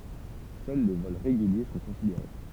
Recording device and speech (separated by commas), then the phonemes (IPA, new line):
temple vibration pickup, read sentence
sœl le vɔl ʁeɡylje sɔ̃ kɔ̃sideʁe